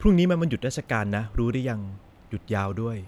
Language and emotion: Thai, neutral